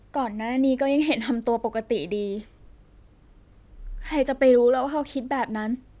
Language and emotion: Thai, sad